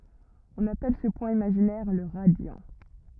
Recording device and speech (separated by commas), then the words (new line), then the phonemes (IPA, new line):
rigid in-ear microphone, read sentence
On appelle ce point imaginaire le radiant.
ɔ̃n apɛl sə pwɛ̃ imaʒinɛʁ lə ʁadjɑ̃